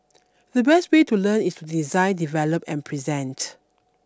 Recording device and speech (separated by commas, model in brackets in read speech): standing microphone (AKG C214), read sentence